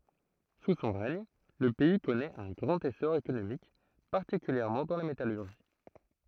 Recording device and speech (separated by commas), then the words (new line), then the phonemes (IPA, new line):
throat microphone, read sentence
Sous son règne, le pays connaît un grand essor économique, particulièrement dans la métallurgie.
su sɔ̃ ʁɛɲ lə pɛi kɔnɛt œ̃ ɡʁɑ̃t esɔʁ ekonomik paʁtikyljɛʁmɑ̃ dɑ̃ la metalyʁʒi